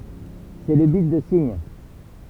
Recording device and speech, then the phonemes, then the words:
temple vibration pickup, read sentence
sɛ lə bit də siɲ
C'est le bit de signe.

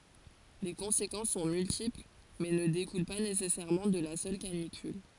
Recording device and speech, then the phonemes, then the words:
forehead accelerometer, read sentence
le kɔ̃sekɑ̃s sɔ̃ myltipl mɛ nə dekul pa nesɛsɛʁmɑ̃ də la sœl kanikyl
Les conséquences sont multiples, mais ne découlent pas nécessairement de la seule canicule.

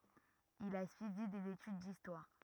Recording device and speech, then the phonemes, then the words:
rigid in-ear microphone, read sentence
il a syivi dez etyd distwaʁ
Il a suivi des études d'histoire.

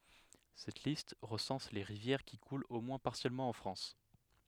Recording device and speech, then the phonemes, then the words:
headset microphone, read sentence
sɛt list ʁəsɑ̃s le ʁivjɛʁ ki kult o mwɛ̃ paʁsjɛlmɑ̃ ɑ̃ fʁɑ̃s
Cette liste recense les rivières qui coulent au moins partiellement en France.

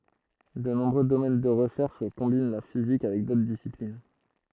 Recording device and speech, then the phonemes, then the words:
throat microphone, read sentence
də nɔ̃bʁø domɛn də ʁəʃɛʁʃ kɔ̃bin la fizik avɛk dotʁ disiplin
De nombreux domaines de recherche combinent la physique avec d'autres disciplines.

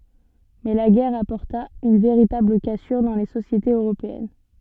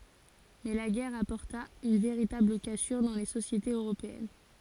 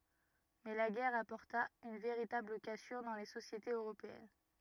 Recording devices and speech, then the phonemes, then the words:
soft in-ear microphone, forehead accelerometer, rigid in-ear microphone, read sentence
mɛ la ɡɛʁ apɔʁta yn veʁitabl kasyʁ dɑ̃ le sosjetez øʁopeɛn
Mais la guerre apporta une véritable cassure dans les sociétés européennes.

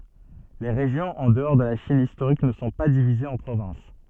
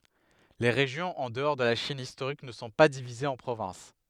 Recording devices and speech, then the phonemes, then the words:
soft in-ear microphone, headset microphone, read sentence
le ʁeʒjɔ̃z ɑ̃ dəɔʁ də la ʃin istoʁik nə sɔ̃ pa divizez ɑ̃ pʁovɛ̃s
Les régions en dehors de la Chine historique ne sont pas divisées en provinces.

